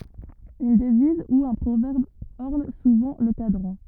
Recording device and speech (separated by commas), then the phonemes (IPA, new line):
rigid in-ear microphone, read sentence
yn dəviz u œ̃ pʁovɛʁb ɔʁn suvɑ̃ lə kadʁɑ̃